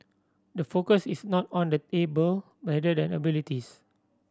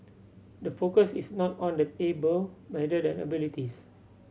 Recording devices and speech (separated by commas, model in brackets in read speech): standing microphone (AKG C214), mobile phone (Samsung C7100), read sentence